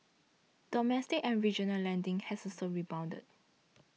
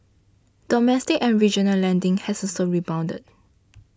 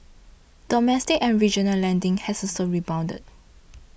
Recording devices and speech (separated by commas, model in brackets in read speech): mobile phone (iPhone 6), standing microphone (AKG C214), boundary microphone (BM630), read sentence